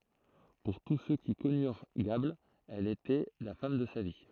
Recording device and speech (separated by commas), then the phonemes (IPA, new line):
throat microphone, read sentence
puʁ tus sø ki kɔnyʁ ɡabl ɛl etɛ la fam də sa vi